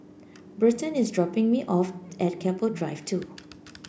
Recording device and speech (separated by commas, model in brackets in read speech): boundary microphone (BM630), read sentence